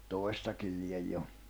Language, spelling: Finnish, toistakin lie jo
- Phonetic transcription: 'tòi̬stakil 'liej 'jo .

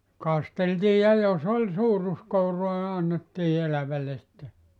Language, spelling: Finnish, kasteltiin ja jos oli suuruskouraa niin annettiin elävälle sitten
- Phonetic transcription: 'kasteltii ja jo"s ‿oĺ 'suuruskouroa ni 'annettii 'elävälle sitte .

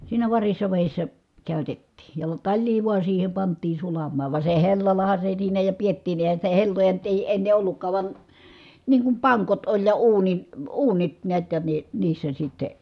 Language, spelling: Finnish, siinä varissa vedessä käytettiin ja talia vain siihen pantiin sulamaan vaan se hellallahan se siinä ja pidettiinkin eihän sitä helloja nyt ei ennen ollutkaan vaan niin kuin pankot oli ja - uunit näet ja ne niissä sitten
- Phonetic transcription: siinä varissa vèissä , kä̀ytettii , ja taĺlii vua siihe pant̀iin̬ sulammaa , va se hellalaha se siinä ja piettiiǹi ʼèi̮hän̬ sitä helloja nyt ‿èi enne ʼollukkaa van , niiŋ kum paŋkot oĺ ja uunin̬- , uunit niät ja ne , niissä sitte ,.

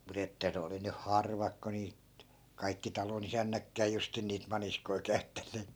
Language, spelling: Finnish, mutta että ne oli nyt harvat kun niitä kaikki talonisännätkään justiin niitä maniskoita käyttäneet
- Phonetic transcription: mut ‿että 'ne oli 'nyh "harvak ko niit , kaikki "talonisännäkkää 'justin niit 'maniskoi käy̬ttänneet .

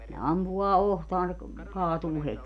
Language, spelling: Finnish, ne ampuu otsaan se - kaatuu heti
- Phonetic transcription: ne 'ampu₍aa "ohtaan se ‿k- , 'kaatuu 'het́i .

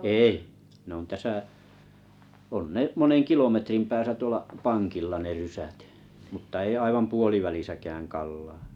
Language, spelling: Finnish, ei ne on tässä on ne monen kilometrin päässä tuolla pankilla ne rysät mutta ei aivan puolivälissäkään Kallaa
- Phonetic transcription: èi , nᵉ ‿on 'täsä , on 'ne’ "moneŋ 'kilometrim 'pääsä 'tuola’ , "pankilla ne 'rysät , muttᵃ ei 'aivam "puolivälisäkääŋ 'Kallaa .

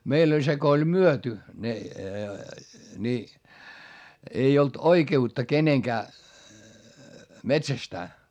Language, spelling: Finnish, meillä oli se kun oli myyty ne niin ei ollut oikeutta kenenkään metsästää
- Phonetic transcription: meill ‿oĺ se ko oĺ myöty , ne , ni , ei olt oike₍utta keneŋkää , metsästää .

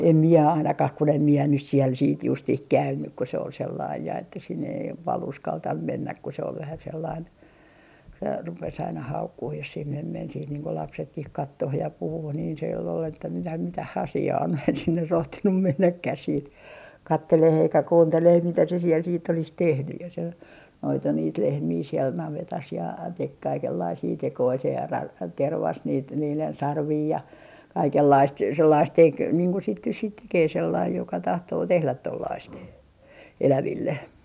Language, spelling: Finnish, en minä ainakaan kun en minä nyt siellä sitten justiin käynyt kun se oli sellainen ja että sinne ei paljon uskaltanut mennä kun se oli vähän sellainen - rupesi aina haukkumaan jos sinne meni sitten niin kuin lapsetkin katsomaan ja puhumaan niin siellä oli että mitä mitä asiaa on minä en sinne rohtinut mennäkään sitten katselemaan eikä kuuntelemaan mitä se siellä sitten olisi tehnyt ja se noitui niitä lehmiä siellä navetassa ja teki kaikenlaisia tekoja se - tervasi niitä niiden sarvia ja kaikenlaista sellaista teki niin kuin sitten nyt sitten tekee sellainen joka tahtoo tehdä tuollaista eläville
- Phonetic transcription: em mie 'ainakah kun ‿em mie nys siel siit 'justih "käynnyk ko se ol sellaij ja että sinne ei , pal 'uskaltam 'mennäk ku se ol vähä sellain , v - 'rupes aina "haukkuh jos sinnem 'men siit niiŋ ko 'lapsetkih "kattoh ja 'puhuh niin siel ‿ol että » mitä 'mitä"h ‿asi₍aa on » mie en sinne 'rohtinum 'mennäkkäh siit , "katteleh ‿eikä "kuunteleh mitä se siel siitt ‿olis "tehny ja se , 'noitu niit 'lehmii siɛl 'navetas ja 'tek 'kaikellaisii 'tekoi se 'ra- , 'tervas niit niilen "sarvii ja , "kaikellaist 'sellaist 'tek niiŋ ku sit nys siit 'tekee sellaij joka 'tahtoo "tehlät 'tollaist , 'eläville .

